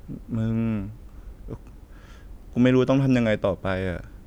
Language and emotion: Thai, sad